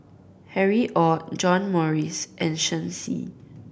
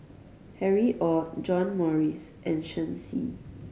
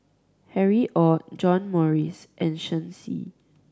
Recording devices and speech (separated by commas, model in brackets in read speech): boundary microphone (BM630), mobile phone (Samsung C5010), standing microphone (AKG C214), read sentence